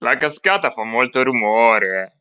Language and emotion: Italian, surprised